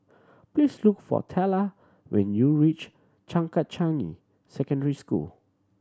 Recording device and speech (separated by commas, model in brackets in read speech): standing microphone (AKG C214), read sentence